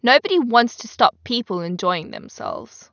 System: none